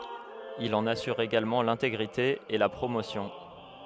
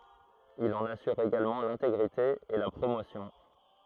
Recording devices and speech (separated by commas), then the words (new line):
headset microphone, throat microphone, read sentence
Il en assure également l'intégrité et la promotion.